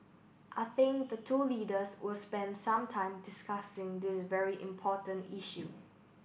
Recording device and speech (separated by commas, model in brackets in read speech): boundary microphone (BM630), read sentence